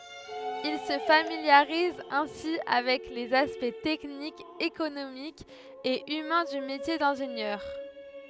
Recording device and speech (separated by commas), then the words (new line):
headset microphone, read sentence
Il se familiarise ainsi avec les aspects techniques, économiques et humains du métier d'ingénieur.